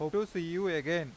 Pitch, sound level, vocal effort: 170 Hz, 93 dB SPL, normal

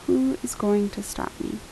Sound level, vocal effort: 76 dB SPL, soft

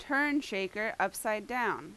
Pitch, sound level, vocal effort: 220 Hz, 89 dB SPL, very loud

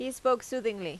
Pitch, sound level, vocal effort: 250 Hz, 87 dB SPL, loud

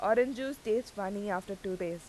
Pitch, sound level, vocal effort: 200 Hz, 87 dB SPL, loud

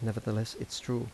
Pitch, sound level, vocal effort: 115 Hz, 79 dB SPL, soft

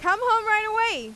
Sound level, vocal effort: 101 dB SPL, very loud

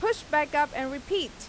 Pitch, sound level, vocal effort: 300 Hz, 94 dB SPL, very loud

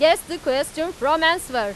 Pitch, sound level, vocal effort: 315 Hz, 99 dB SPL, very loud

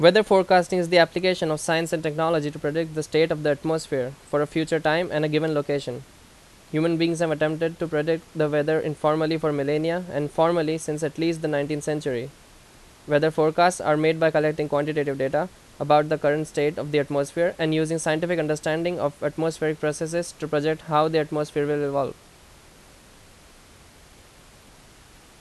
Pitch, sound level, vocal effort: 155 Hz, 87 dB SPL, very loud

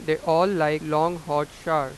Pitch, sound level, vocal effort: 155 Hz, 96 dB SPL, loud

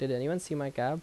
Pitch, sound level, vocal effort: 145 Hz, 80 dB SPL, normal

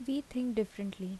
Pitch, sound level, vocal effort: 220 Hz, 76 dB SPL, soft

